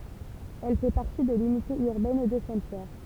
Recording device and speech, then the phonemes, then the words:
temple vibration pickup, read sentence
ɛl fɛ paʁti də lynite yʁbɛn də sɛ̃tpjɛʁ
Elle fait partie de l'unité urbaine de Saint-Pierre.

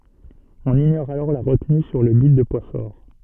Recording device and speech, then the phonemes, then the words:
soft in-ear microphone, read sentence
ɔ̃n iɲɔʁ alɔʁ la ʁətny syʁ lə bit də pwa fɔʁ
On ignore alors la retenue sur le bit de poids fort.

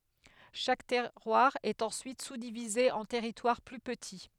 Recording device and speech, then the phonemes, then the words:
headset microphone, read sentence
ʃak tɛʁwaʁ ɛt ɑ̃syit suzdivize ɑ̃ tɛʁitwaʁ ply pəti
Chaque terroir est ensuite sous-divisé en territoires plus petits.

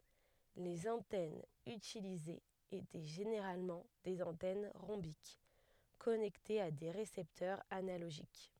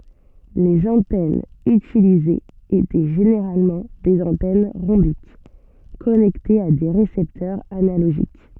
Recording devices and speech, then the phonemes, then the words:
headset microphone, soft in-ear microphone, read sentence
lez ɑ̃tɛnz ytilizez etɛ ʒeneʁalmɑ̃ dez ɑ̃tɛn ʁɔ̃bik kɔnɛktez a de ʁesɛptœʁz analoʒik
Les antennes utilisées étaient généralement des antennes rhombiques, connectées à des récepteurs analogiques.

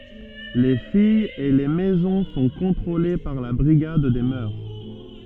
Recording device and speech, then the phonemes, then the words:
soft in-ear microphone, read sentence
le fijz e le mɛzɔ̃ sɔ̃ kɔ̃tʁole paʁ la bʁiɡad de mœʁ
Les filles et les maisons sont contrôlées par la Brigade des mœurs.

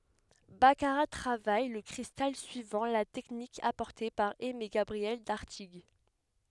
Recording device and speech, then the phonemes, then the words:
headset microphone, read sentence
bakaʁa tʁavaj lə kʁistal syivɑ̃ la tɛknik apɔʁte paʁ ɛmeɡabʁiɛl daʁtiɡ
Baccarat travaille le cristal suivant la technique apportée par Aimé-Gabriel d'Artigues.

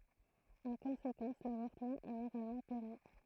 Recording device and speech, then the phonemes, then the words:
throat microphone, read sentence
ɑ̃ kɔ̃sekɑ̃s lavɔʁtəmɑ̃ ɛ moʁalmɑ̃ pɛʁmi
En conséquence, l'avortement est moralement permis.

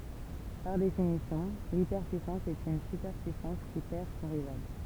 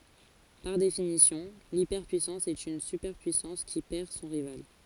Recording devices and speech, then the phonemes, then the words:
temple vibration pickup, forehead accelerometer, read sentence
paʁ definisjɔ̃ lipɛʁpyisɑ̃s ɛt yn sypɛʁpyisɑ̃s ki pɛʁ sɔ̃ ʁival
Par définition, l’hyperpuissance est une superpuissance qui perd son rival.

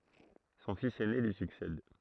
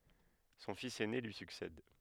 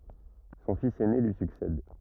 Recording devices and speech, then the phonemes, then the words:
throat microphone, headset microphone, rigid in-ear microphone, read sentence
sɔ̃ fis ɛne lyi syksɛd
Son fils aîné lui succède.

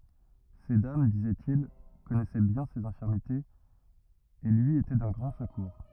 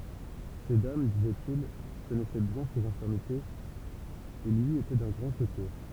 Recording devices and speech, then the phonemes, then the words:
rigid in-ear microphone, temple vibration pickup, read sentence
se dam dizɛtil kɔnɛsɛ bjɛ̃ sez ɛ̃fiʁmitez e lyi etɛ dœ̃ ɡʁɑ̃ səkuʁ
Ces dames, disait-il, connaissaient bien ses infirmités et lui étaient d’un grand secours.

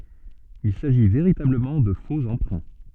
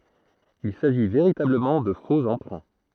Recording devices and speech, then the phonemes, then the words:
soft in-ear microphone, throat microphone, read sentence
il saʒi veʁitabləmɑ̃ də fo ɑ̃pʁɛ̃
Il s'agit véritablement de faux emprunts.

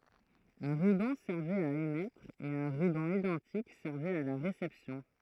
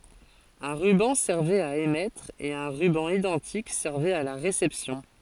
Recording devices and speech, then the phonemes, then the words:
throat microphone, forehead accelerometer, read sentence
œ̃ ʁybɑ̃ sɛʁvɛt a emɛtʁ e œ̃ ʁybɑ̃ idɑ̃tik sɛʁvɛt a la ʁesɛpsjɔ̃
Un ruban servait à émettre, et un ruban identique servait à la réception.

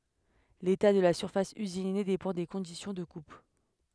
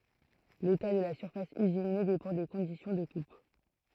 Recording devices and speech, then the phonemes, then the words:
headset microphone, throat microphone, read sentence
leta də la syʁfas yzine depɑ̃ de kɔ̃disjɔ̃ də kup
L'état de la surface usinée dépend des conditions de coupe.

